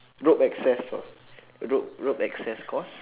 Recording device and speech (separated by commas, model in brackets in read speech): telephone, conversation in separate rooms